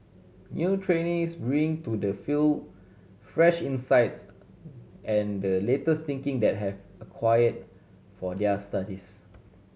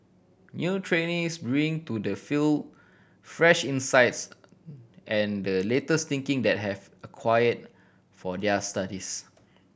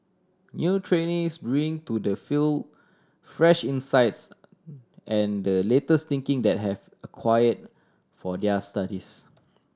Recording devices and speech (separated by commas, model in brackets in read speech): mobile phone (Samsung C7100), boundary microphone (BM630), standing microphone (AKG C214), read sentence